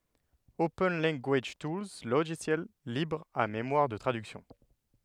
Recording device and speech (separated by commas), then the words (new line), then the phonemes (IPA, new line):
headset microphone, read sentence
Open Language Tools Logiciel libre à mémoire de traduction.
open lɑ̃ɡaʒ tulz loʒisjɛl libʁ a memwaʁ də tʁadyksjɔ̃